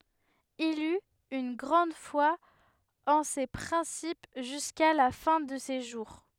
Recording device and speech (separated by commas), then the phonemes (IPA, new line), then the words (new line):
headset microphone, read sentence
il yt yn ɡʁɑ̃d fwa ɑ̃ se pʁɛ̃sip ʒyska la fɛ̃ də se ʒuʁ
Il eut une grande foi en ces principes jusqu'à la fin de ses jours.